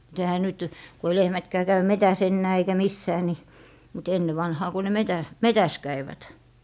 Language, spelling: Finnish, mutta eihän nyt kun ei lehmätkään käy metsässä enää eikä missään niin mutta ennen vanhaan kun ne - metsässä kävivät
- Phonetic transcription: mut ehä 'nyt , ko ei 'lehmätkää 'käy "metäs 'ennää eikä "missää ni , mut 'enne vanhaa ku ne "metä- , "metäs 'käivät .

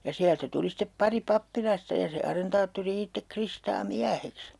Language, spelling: Finnish, ja sieltä tuli sitten pari pappilasta ja se arentaattori itse Kristaa mieheksi
- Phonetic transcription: ja 'siältä 'tuli step [hevos]'pari 'pappilasta ja se 'arentaatturi 'ittek 'Kristaa "miäheks .

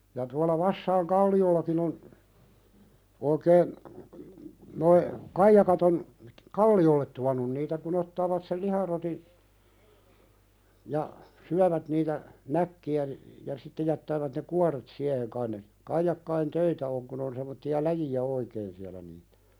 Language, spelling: Finnish, ja tuolla Vassain kallioillakin on oikein nuo kaijakat on kalliolle tuonut niitä kun ottavat sen liharotin ja syövät niitä näkkejä niin ja sitten jättävät ne kuoret siihen kai ne kaijakoiden töitä on kun on semmoisia läjiä oikein siellä niitä
- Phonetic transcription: ja tuala 'Vassaiŋ "kalli₍ollakin ‿on , oikeen , noi , 'kaijakat ‿on , "kalli₍ollet tuan̆nun niitä ku'n ‿ottaavat sel "liharoti , ja , 'syävät niitä , "näkki₍ä ni , ja sitte jättäävät ne "kuaret siäheŋ kain ne , kaijakkain "töitä oŋ kun ‿on sem̆motti₍a "läji₍ä oikeen siälä niitᴀ̈ .

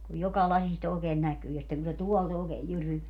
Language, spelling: Finnish, kun joka lasista oikein näkyy ja sitten kun se tuolta oikein jyryää
- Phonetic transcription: kuj 'joka 'lasist ‿ookeen 'näkyy ja sitteŋ ku se "tuɔlt ookeej 'jyryveä .

